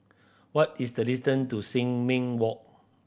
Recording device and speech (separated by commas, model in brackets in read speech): boundary microphone (BM630), read sentence